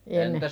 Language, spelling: Finnish, ennen
- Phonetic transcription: enne ,.

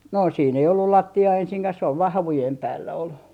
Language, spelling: Finnish, no siinä ei ollut lattiaa ensinkään se on vain havujen päällä oli
- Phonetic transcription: no siin ‿ei ollul "latti₍aa 'ensiŋkäh sᵉ ‿ov vaa "havujem 'päällä ol .

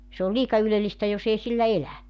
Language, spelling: Finnish, se on liika ylellistä jos ei sillä elä
- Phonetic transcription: se ol 'liika 'ylelistä jos ‿ei sillä 'elä .

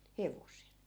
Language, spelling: Finnish, hevosella
- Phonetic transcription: 'hevosel .

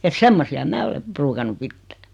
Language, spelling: Finnish, että semmoisia minä olen ruukannut pitää
- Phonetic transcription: et 'semmosi₍a 'mää ole , 'pruukannu "pittᴀ̈ .

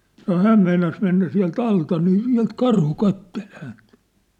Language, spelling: Finnish, sanoi hän meinasi mennä sieltä alta niin sieltä karhu katseli häntä
- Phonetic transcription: sano "hääm meinas mennä siä̭l"t ‿alta nii 'siä̭lt 'karhu 'kattel 'hänt .

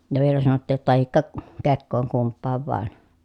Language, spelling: Finnish, ja vielä sanottiin jotta tai kekoon kumpaan vain
- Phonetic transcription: ja vielä sanottiij jotta » tahikka , kekkooŋ kumppaav vàen » .

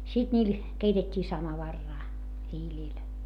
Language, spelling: Finnish, sitten niillä keitettiin samovaaria hiilillä
- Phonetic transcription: sit ńiil , keitet́t́ii samavarraa , hiiĺìl .

